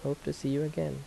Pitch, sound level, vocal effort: 140 Hz, 77 dB SPL, soft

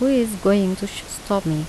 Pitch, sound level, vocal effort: 200 Hz, 80 dB SPL, soft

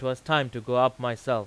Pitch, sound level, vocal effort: 125 Hz, 94 dB SPL, loud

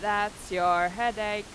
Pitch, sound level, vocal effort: 205 Hz, 95 dB SPL, very loud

